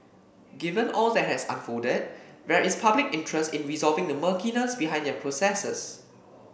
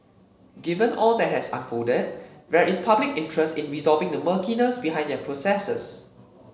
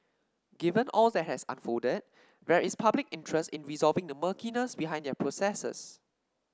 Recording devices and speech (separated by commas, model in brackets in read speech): boundary microphone (BM630), mobile phone (Samsung C7), standing microphone (AKG C214), read sentence